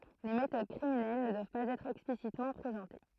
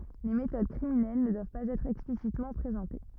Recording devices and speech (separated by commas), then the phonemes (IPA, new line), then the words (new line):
throat microphone, rigid in-ear microphone, read sentence
le metod kʁiminɛl nə dwav paz ɛtʁ ɛksplisitmɑ̃ pʁezɑ̃te
Les méthodes criminelles ne doivent pas être explicitement présentées.